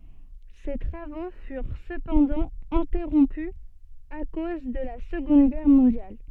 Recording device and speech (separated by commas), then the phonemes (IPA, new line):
soft in-ear microphone, read sentence
se tʁavo fyʁ səpɑ̃dɑ̃ ɛ̃tɛʁɔ̃py a koz də la səɡɔ̃d ɡɛʁ mɔ̃djal